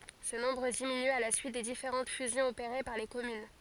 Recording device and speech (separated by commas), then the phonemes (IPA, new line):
forehead accelerometer, read sentence
sə nɔ̃bʁ diminy a la syit de difeʁɑ̃t fyzjɔ̃z opeʁe paʁ le kɔmyn